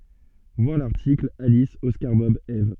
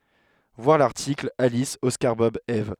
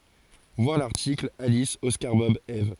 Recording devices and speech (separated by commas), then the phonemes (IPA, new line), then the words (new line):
soft in-ear microphone, headset microphone, forehead accelerometer, read sentence
vwaʁ laʁtikl alis ɔskaʁ bɔb ɛv
Voir l'article Alice Oscar Bob Eve.